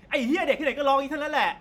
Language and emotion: Thai, angry